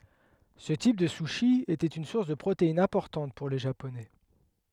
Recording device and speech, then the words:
headset microphone, read sentence
Ce type de sushi était une source de protéines importante pour les Japonais.

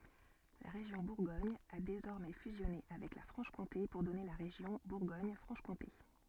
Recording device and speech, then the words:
soft in-ear microphone, read sentence
La région Bourgogne a désormais fusionné avec la Franche-Comté pour donner la région Bourgogne-Franche-Comté.

